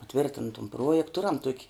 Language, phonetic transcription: Lithuanian, paˈtvirtin tum ˈpruojekt ˈturam tuok'

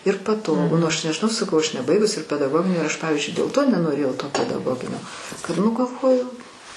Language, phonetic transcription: Lithuanian, ir paˈtogu nu aš nežiˈnau saˈkau aš neˈbaigus ir pedagˈoginį ir aš ˈpavizdžiui dėl ˈto nenoˈrėjau to pedaˈgoginio kad ˈnu galˈvoju

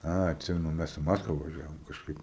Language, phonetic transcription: Lithuanian, ˈa atˈsimenu ˈmes i ˈmaskva vaˈžiavom kažˈkaip

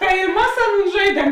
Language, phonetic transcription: Lithuanian, tai i ˈmas ˈaˌnūn ˈžaidiem

